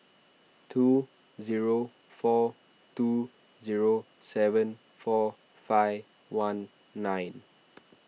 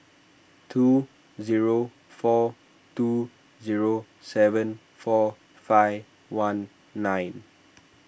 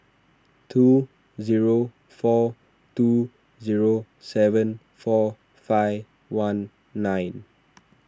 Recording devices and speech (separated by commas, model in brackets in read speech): mobile phone (iPhone 6), boundary microphone (BM630), standing microphone (AKG C214), read sentence